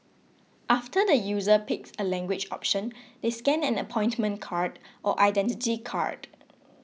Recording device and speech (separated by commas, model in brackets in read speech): mobile phone (iPhone 6), read sentence